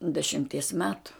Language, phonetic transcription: Lithuanian, dešimˈties ˈmetu

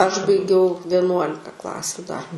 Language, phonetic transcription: Lithuanian, aš baiˈgiau vieˈnuolika ˈklasiu dar

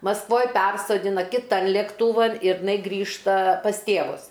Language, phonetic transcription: Lithuanian, masˈkvoj ˈpersodina kiˈtan lėkˈtūvan ir iˈnai ˈgrįžta pas ˈtėvus

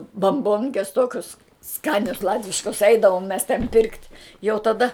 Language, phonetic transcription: Lithuanian, bamˈbonkes ˈtokius ˈskanias ˈlatviškas ˈeidavom mes ten pirkt' jau taˈda

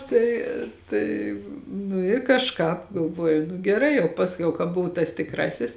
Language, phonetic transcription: Lithuanian, ˈtai tai nu i kažˈkāp galˈvoju geˈrai jau ˈpasˌkiau ka ˈbuvu tas tikˈrasis

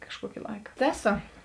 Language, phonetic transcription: Lithuanian, kažˈkuoki ˈlaika ˈteˌso

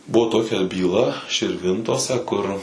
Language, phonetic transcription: Lithuanian, ˈbuvo ˈtokia byˈla širˈvintose kur

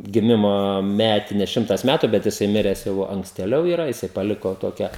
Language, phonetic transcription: Lithuanian, giˈmimo ˈmetines ˈšimtas ˈmætu bet jiˈsai ˈmires jau ankstėˈliau iˈra jiˈsai paˈliko ˈtokia

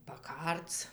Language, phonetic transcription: Lithuanian, paˈkarc

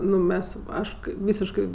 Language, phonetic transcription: Lithuanian, ˈnu ˈmes ˈaš kai ˈvysiškɜ

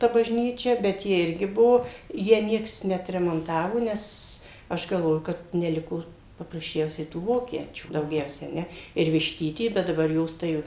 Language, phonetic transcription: Lithuanian, ta bažˈnyčia bet ˈji ˈirgi ˈbuo ˈją ˈnieks neatremonˈtavo ˈnes ˈaš galˈvoju kad neˈliko paprasˈčiausiai tų ˈvokiečių dauˈgiausia a ˈne ir višˈtyty ˈbet daˈbar ˈjos tai jau

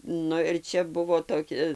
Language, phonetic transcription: Lithuanian, ˈnu ir ˈčia ˈbuvo toˈki

